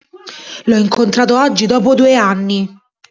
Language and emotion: Italian, angry